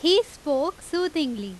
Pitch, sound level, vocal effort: 315 Hz, 91 dB SPL, very loud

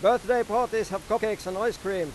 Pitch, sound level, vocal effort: 215 Hz, 100 dB SPL, very loud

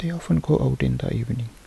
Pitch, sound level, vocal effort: 115 Hz, 71 dB SPL, soft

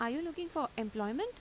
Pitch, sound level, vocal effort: 290 Hz, 85 dB SPL, normal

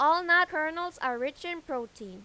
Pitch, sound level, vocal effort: 310 Hz, 97 dB SPL, loud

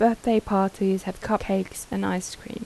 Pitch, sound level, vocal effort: 195 Hz, 80 dB SPL, soft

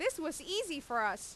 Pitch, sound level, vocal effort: 310 Hz, 94 dB SPL, loud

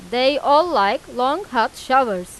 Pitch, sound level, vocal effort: 265 Hz, 96 dB SPL, loud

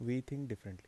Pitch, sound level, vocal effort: 120 Hz, 78 dB SPL, soft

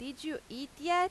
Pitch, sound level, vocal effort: 295 Hz, 92 dB SPL, loud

